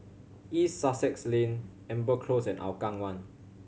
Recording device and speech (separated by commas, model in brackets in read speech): mobile phone (Samsung C7100), read sentence